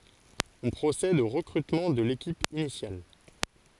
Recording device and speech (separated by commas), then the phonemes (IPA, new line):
forehead accelerometer, read sentence
ɔ̃ pʁosɛd o ʁəkʁytmɑ̃ də lekip inisjal